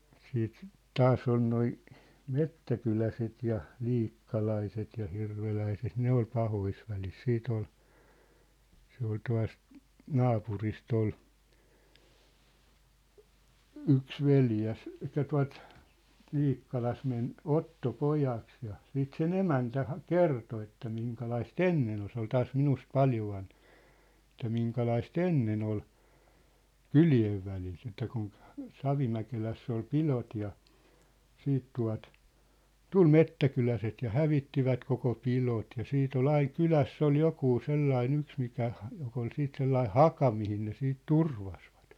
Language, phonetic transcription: Finnish, siit , "taasˢ ‿on noi , "mettäkyläset ja , 'liikkalaiset ja 'hirveläiset "ne ‿ol 'pahois välis 'siit ‿ol , 'se ‿ol tua̭st , "naapuris't ‿ol , 'yks 'veljäs , että tua̭t , 'Liikkalas̳ men , "otto"pojaks ja , siit 'se"n ‿emäntä ha- , "kerto että miŋkalais"t ‿en-nen ‿ol se ‿ol 'taas 'minust "paljo vanh(ᴇᴍp) , et̆tä 'miŋkalais"t ‿ennen ‿ol , "kyli₍ev välit ‿että kun , 'Savimäkeläss ‿ol 'pilot ja , 'siit tua̭t , "tul "mettäkyläset ja "hävittivät koko 'pilot ja 'siit ‿ol 'aiŋ "kyläss ‿ol 'jokuu 'sellai'n ‿yks mikä , jok ‿ol 'siit 'sellai "haka mihin ne siit "turvasvᴀt .
- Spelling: sitten taas on nuo metsäkyläläiset ja liikkalaiset ja hirveläiset ne oli pahoissa väleissä sitten oli se oli tuosta naapurista oli yksi veljrs että tuota Liikkalassa meni ottopojaksi ja sitten sen emäntä - kertoi että - ennen oli se oli taas minusta paljon vanhempi että minkälaista ennen oli kylien välit että kun Savimäkelässä oli pidot ja sitten tuota tuli metsäkyläiset ja hävittivät koko pidot ja sitten oli aina kylässä oli joku sellainen yksi mikä joka oli sitten sellainen haka mihin ne sitten turvasivat

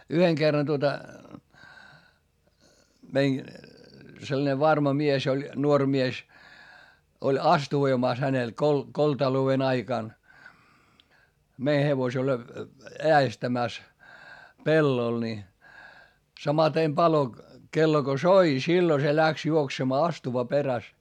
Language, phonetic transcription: Finnish, yheŋ Gerran tuota , mein , sellᵃne varma mies ‿oĺ , nuoŕ mies , oĺ astuvoimàs hänel kol- , koltalou₍en ‿aikàn , mei hevosel , eä₍estämä̀s , pellol ni , samatem palo- , -kello Go soi - sillo se läks juoksemaa astuva peräs .
- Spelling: yhden kerran tuota meidän sellainen varma mies oli nuori mies oli astuvoimassa hänellä - koltalouden aikana meni hevosella äestämässä pellolla niin samaten - palokello kun soi silloin se lähti juoksemaan astuva perässä

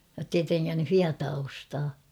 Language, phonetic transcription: Finnish, jottei 'treŋŋänny ''hiataa ostaa .
- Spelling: jotta ei trengännyt hietaa ostaa

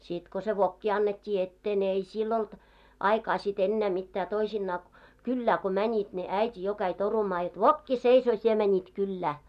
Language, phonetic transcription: Finnish, 'sit ko se "vokki annet́t́ii 'ettee ne ei 'sill ‿olt , 'aikaa sit 'ennää 'mittää toisinnaa , "kyllää ko 'mäńit ne 'äit́i jo käi 'torumaa jot » "vokki 'seisoo sie mäńit 'kyllää « .
- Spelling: sitten kun se vokki annettiin eteen ne ei sillä ollut aikaa sitten enää mitään toisinaan kylään kun menivät ne äiti jo kävi torumaan jotta vokki seisoo sinä menit kylään

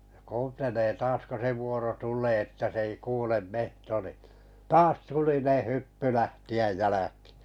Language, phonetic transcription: Finnish, ʲa kuuntelee 'taas ko se 'vuoro "tulee että s ‿ei 'kuulem "mehto ni(n̬) , "taas 'tulineᵉ 'hyppy 'lähti₍äj "jäläkɪɪ .
- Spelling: ja kuuntelee taas kun se vuoro tulee että se ei kuule metso niin taas tulinen hyppy lähteä jälkiin

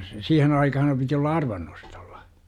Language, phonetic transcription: Finnish, 'siihen aikaham piti olla "arvannostOLLA .
- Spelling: siihen aikaan piti olla arvannostolla

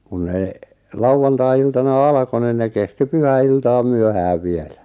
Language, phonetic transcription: Finnish, kun ne , "lauʷantai₍iltana "alᵃko nin 'ne kesti "pyhä₍'iltaaᵐ "myöhääv 'vielä .
- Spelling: kun ne lauantai-iltana alkoi niin ne kesti pyhäiltaan myöhään vielä

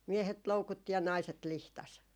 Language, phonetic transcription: Finnish, 'miehet 'loukutti ja 'naiset 'lihtas .
- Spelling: miehet loukutti ja naiset lihtasi

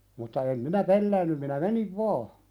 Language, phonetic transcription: Finnish, mutta em minä "pelläännym minä 'meniv "vaa .
- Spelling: mutta en minä pelännyt minä menin vain

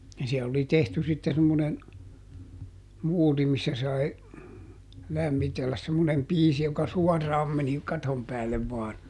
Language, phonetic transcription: Finnish, ja ˈsiɛl ‿oli ˈtehty sitte semmonen , ˈmuuri missä sai , ˈlämmitelläs semmonem ˈpiisi joka "suɔrraam meni , ˈkatom päällev vaan .
- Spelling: ja siellä oli tehty sitten semmoinen muuri missä sai lämmitellä semmoinen piisi joka suoraan meni katon päälle vain

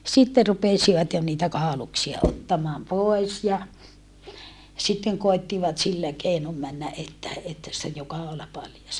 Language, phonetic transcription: Finnish, sitte rupesivat jo niitä kàoluksia ottamaam pòi̮s ja , sitteŋ koi̮ttivat sillä keinom männä ʼettä , että sⁱttej jo kaola paljas .
- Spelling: sitten rupesivat jo niitä kauluksia ottamaan pois ja sitten koettivat sillä keinoin mennä että että sitten jo kaula paljas

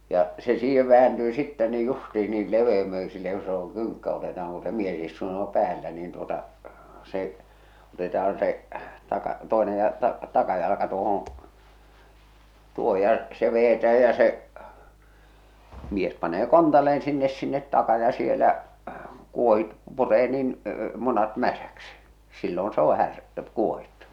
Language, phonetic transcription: Finnish, ja , se 'siihev 'vääntyy sittɛ ni "justiin ni 'leveemöisilleeŋ ku se oŋ 'kyŋkkä oteta₍aŋ ku se 'mies istuu (jo) 'päällä niin tuota , se , 'otetahan 'se , taka- , 'toenej ja , ta- , "takajalaka 'tuohoo̰ , 'tuoho ja , se vejetääj ja se , mies panee "kontalle₍en sinnes sinnet 'taka ja 'sielä kuohit- , 'puree niin , 'munat 'mäsäksi , sillon s ‿oo 'här- , 'kuohittu .
- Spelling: ja se siihen vääntyy sitten niin justiin niin leveämmöisilleen kun se on kynkkä otetaan kun se mies istuu jo päällä niin tuota se otetaaan se - toinen ja - takajalka tuohon tuohon ja se vedetään ja se mies panee kontalleen sinne sinne taa ja siellä - puree niin munat mäsäksi silloin se on - kuohittu

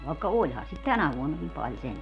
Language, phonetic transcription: Finnish, vàekka "oĺhan̬ sit "tänä 'vuonnakim 'pal 'sentä .
- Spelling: vaikka olihan sitä tänä vuonnakin paljon sentään

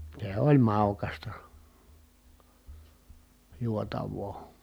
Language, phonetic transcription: Finnish, sè oĺ màukasta , juotav̀oo .
- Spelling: se oli maukasta juotavaa

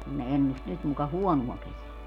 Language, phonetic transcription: Finnish, kun ne 'ennust 'nyt muka "huɔnuɔ 'keseä .
- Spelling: kun ne ennusti nyt muka huonoa kesää

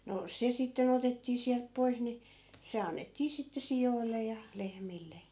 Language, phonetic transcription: Finnish, no 'se 'sitten̬ ‿otettii siälp 'pois ni , 'se annettii sitte 'sijoille ja , 'lehmille .
- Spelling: no se sitten otettiin sieltä pois niin se annettiin sitten sioille ja lehmille

